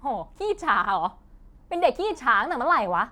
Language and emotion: Thai, angry